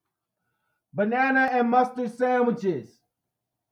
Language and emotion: English, neutral